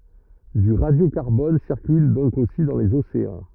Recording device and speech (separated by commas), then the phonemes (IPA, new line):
rigid in-ear microphone, read sentence
dy ʁadjokaʁbɔn siʁkyl dɔ̃k osi dɑ̃ lez oseɑ̃